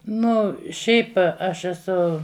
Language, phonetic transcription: Lithuanian, ˈnu ˈšiaip ˈaš eˈsu

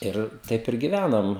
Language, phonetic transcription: Lithuanian, ˈir ˈtaip ir giˈvænam

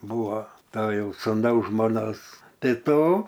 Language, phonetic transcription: Lithuanian, ˈbuvo ˈto ˈjau suˈnaus žmoˈnos ˈtai ˈto

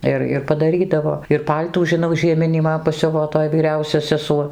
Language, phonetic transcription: Lithuanian, ˈir ir padaˈrydavo ir ˈpal'tų žiˈnau žieˈminį ˈman paˈsiuvo ˈtoj vyˈriausia seˈsuo

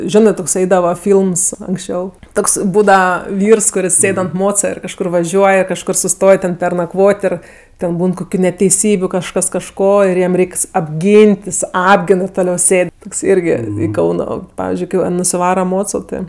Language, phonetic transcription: Lithuanian, ˈžionɜ toks ˈaidava ˈfylms anksˈčiau ˈtoks ˈbūdava ˈvyrs kuˈris ˈsėd ant ˈmoca ir kažˈkur vaˈžiuoj ir kažˈkur suˈstoj ten pernaˈkvot' ir ten ˈbūn koˈkių neteiˈsybiu kažˈkas kažˈko ir ˈjam ˈreiks apˈgyn't' jis ˈapgin ir toˈliau ˈsėd toks ˈirgi ˈkauno ˈpavizdžiui ˈkɜ va nusiˈvara ˈmoco ˈtɜ

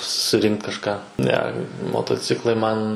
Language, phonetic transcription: Lithuanian, suˈrinkt kažˈką ˈne motoˈciklai ˈman

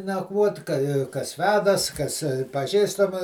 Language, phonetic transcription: Lithuanian, nakˈvuot' ka kas ˈvedas kas paˈžįstama

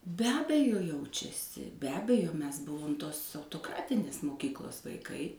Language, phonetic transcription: Lithuanian, be ˈabejo ˈjaučiasi be ˈabejo ˈmes ˈbuvom ˈtos autoˈkratinės moˈkyklos vaiˈkai

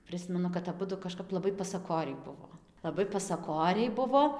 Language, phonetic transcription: Lithuanian, ˈprɨsmenu kad aˈbudu kaˈžkap laˈbai pasaˈkoriai ˈbuvo laˈbai pasaˈkoriai ˈbuvo

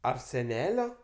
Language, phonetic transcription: Lithuanian, ar seˈnelio

